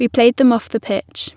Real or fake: real